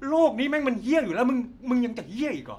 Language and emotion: Thai, angry